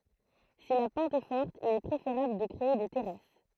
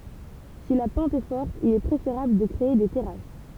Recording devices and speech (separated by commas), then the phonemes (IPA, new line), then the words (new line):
throat microphone, temple vibration pickup, read sentence
si la pɑ̃t ɛ fɔʁt il ɛ pʁefeʁabl də kʁee de tɛʁas
Si la pente est forte, il est préférable de créer des terrasses.